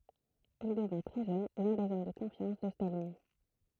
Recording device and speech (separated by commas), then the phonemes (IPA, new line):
throat microphone, read sentence
il dəvɛ̃ tʁɛ ʒøn lœ̃ dez ɔm də kɔ̃fjɑ̃s də stalin